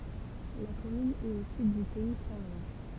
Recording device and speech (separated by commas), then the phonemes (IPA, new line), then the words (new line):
temple vibration pickup, read sentence
la kɔmyn ɛt o syd dy pɛi sɛ̃ lwa
La commune est au sud du pays saint-lois.